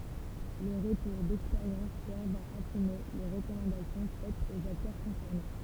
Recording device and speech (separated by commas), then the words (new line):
temple vibration pickup, read sentence
Les retours d'expérience servent à affiner les recommandations faites aux acteurs concernés.